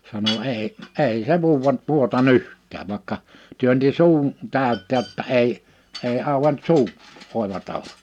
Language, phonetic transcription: Finnish, sano » 'èi , 'èi se 'vuuwa , 'vuota"n ‿yh̀t̀ääv « vaⁱkka , 'työnti "suun , 'tä̀ö̭t̆tè (jo)tta 'ei , 'ei 'auʷent "suu , 'òeva tava(la) .
- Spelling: sanoi ei ei se vuoda vuotanut yhtään vaikka työnsi suun täyteen jotta ei ei auennut suu oiva tavalla

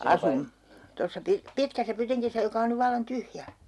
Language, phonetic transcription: Finnish, "asun , tossa 'pi- , "pitkässä 'pytiŋkisä joka on nyv vallan "tyhjä .
- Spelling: asuimme tuossa - pitkässä pytingissä joka on nyt vallan tyhjä

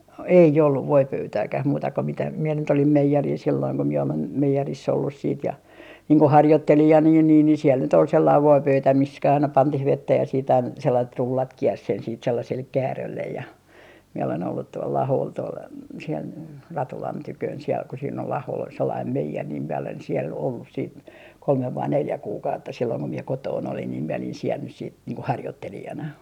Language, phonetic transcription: Finnish, "ei olluv 'voipöytääkäh muuta ko mitä , mie nyt olim "meijeril silloiŋ ko mie olen , 'meijeriss ‿ollus siit ja , niiŋ ko "harjottelijan ja niin niin ni siel nyt ‿ol sellaiv 'voipöytä mis - kä - aina 'pantih "vettä ja siit ‿ain - 'sellait "rullat 'kiers sen siit 'sellasel "kääröllej ja , miɛ olen ollut tuol'l ‿Ahool tuol , siel , "Ratulan 'tyköön siel ku siin ‿ol 'Ahol ‿ol sellaim "meijer niim mie olen siɛl "ollus siit , 'kolmev vai 'neljä 'kuukautta silloiŋ ko mie 'kotoon olin niim miɛ olin siel nys siit , niiŋ ko "harjottelijana .
- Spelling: ei ollut voipöytääkään muuta kuin mitä minä nyt olin meijerillä silloin kun minä olen meijerissä ollut sitten ja niin kuin harjoittelijana ja niin niin niin siellä nyt oli sellainen voipöytä - - aina pantiin vettä ja sitten - sellaiset rullat kiersi sen sitten sellaiselle käärölle ja minä olen ollut tuolla Aholla tuolla siellä Ratulan tykönä siellä kun siinä oli Aholla oli sellainen meijeri niin minä olen siellä ollut sitten kolme vai neljä kuukautta silloin kun minä kotona olin niin minä olin siellä nyt sitten niin kuin harjoittelijana

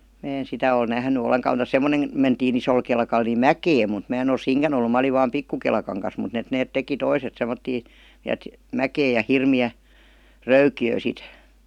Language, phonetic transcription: Finnish, mää en 'sitä oi "nähny "oleŋka muta "semmonem 'mentii'n ‿isol kelkal ni "mäkeem̆ mut 'mää en ‿ol "siiŋkän ‿ollu 'mä oliv vaam "pikku kelkaŋ kas mut et 'neet 'teki "toiset semmottii , ni 'et , "mäkeej ja 'hirmi₍ä , "röyki₍ö̀ sit .
- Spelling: minä en sitä ole nähnyt ollenkaan mutta semmoinen mentiin isolla kelkalla niin mäkeen mutta minä en ole siinäkään ollut minä olin vain pikku kelkan kanssa mutta että ne teki toiset semmoisia niin että mäkeen ja hirmeä röykkiö sitten

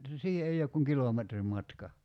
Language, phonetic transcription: Finnish, 'siihe ei ok kuŋ "kilometrim 'matka .
- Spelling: siihen ei ole kuin kilometrin matka

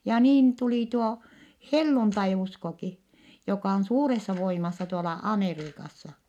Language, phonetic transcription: Finnish, ja niin tulì tuo , helluntai₍uskoki , jokà on suuressa voimassa tuola , Ameriikassa .
- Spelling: ja niin tuli tuo helluntaiuskokin joka on suuressa voimassa tuolla Amerikassa

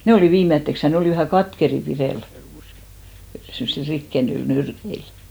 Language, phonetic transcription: Finnish, 'ne olì "viimetteks , ja 'ne olì vähä "katkeri 'pirèl , semmᵒsil 'rikkenyil "nyrkeil .
- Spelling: ne oli viimeiseksi ja ne oli vähän katkeria pidellä semmoisilla rikkeimillä nyrkeillä

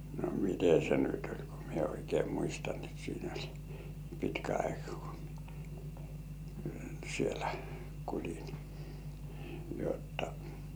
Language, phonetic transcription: Finnish, no "mite se nyt oĺ ko mie oikei 'muistan et siin ‿oĺ , 'pitkä aikᴀ kᴜ , mie , 'sielᴀ̈ kuuĺin , jotta .
- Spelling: no miten se nyt oli kun minä oikein muistan että siinä oli pitkä aika kun minä siellä kuulin jotta

